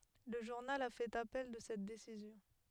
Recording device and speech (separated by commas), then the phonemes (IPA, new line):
headset microphone, read sentence
lə ʒuʁnal a fɛt apɛl də sɛt desizjɔ̃